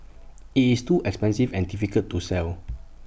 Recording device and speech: boundary microphone (BM630), read sentence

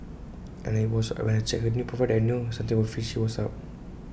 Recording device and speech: boundary microphone (BM630), read sentence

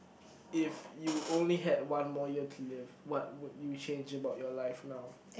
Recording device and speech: boundary microphone, conversation in the same room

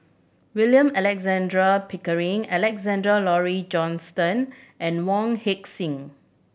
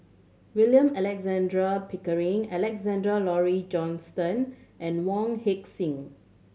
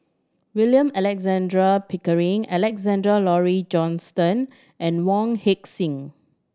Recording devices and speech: boundary microphone (BM630), mobile phone (Samsung C7100), standing microphone (AKG C214), read sentence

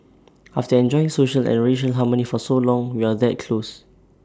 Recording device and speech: standing microphone (AKG C214), read sentence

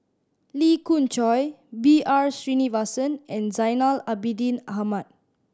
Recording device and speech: standing microphone (AKG C214), read sentence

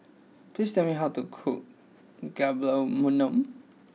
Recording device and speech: mobile phone (iPhone 6), read sentence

